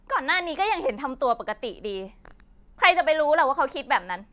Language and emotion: Thai, angry